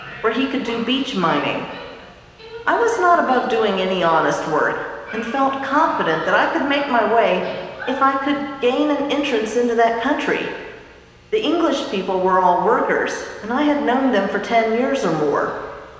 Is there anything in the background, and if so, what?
A television.